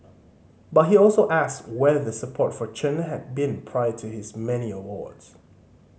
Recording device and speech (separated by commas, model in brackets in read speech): mobile phone (Samsung C5010), read sentence